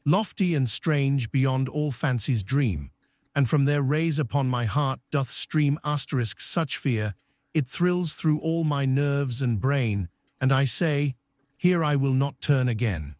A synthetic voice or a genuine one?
synthetic